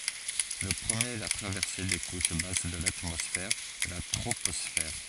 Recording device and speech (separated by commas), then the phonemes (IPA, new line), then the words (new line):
forehead accelerometer, read sentence
lə pʁəmjeʁ ɛ la tʁavɛʁse de kuʃ bas də latmɔsfɛʁ la tʁopɔsfɛʁ
Le premier est la traversée des couches basses de l'atmosphère, la troposphère.